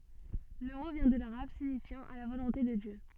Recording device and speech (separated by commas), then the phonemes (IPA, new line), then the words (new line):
soft in-ear microphone, read sentence
lə mo vjɛ̃ də laʁab siɲifjɑ̃ a la volɔ̃te də djø
Le mot vient de l'arabe, signifiant à la volonté de Dieu.